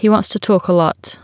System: none